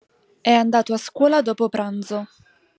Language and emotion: Italian, neutral